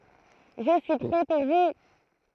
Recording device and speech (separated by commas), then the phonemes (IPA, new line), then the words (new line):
throat microphone, read sentence
ʒə syi pʁɛ puʁ vu
Je suis prêt pour vous.